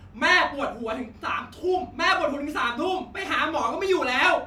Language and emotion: Thai, angry